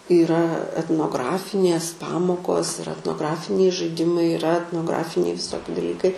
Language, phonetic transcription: Lithuanian, yˈra etnoˈgrafinės ˈpamokos ir etnoˈgrafiniai žaiˈdimai iˈra etnoˈgrafiniai viˈsoki daˈlykai

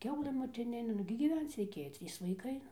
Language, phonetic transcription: Lithuanian, ˈkiaulɘ motiˈninė nugi gyˈvenc reiˈkėjo ˈtrys vaiˈkai ˈnu

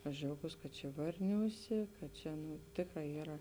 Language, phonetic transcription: Lithuanian, aš džiauˈgūs kad čia ˈvarniūˌsė kad ˈčia nu ˈtėkˌrā ˈyra

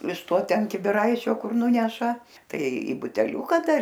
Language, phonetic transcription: Lithuanian, iš ˈto ˈten kibiˈraičio ˈkur ˈnuneša ˈtai į buteˈliūka ˈdar

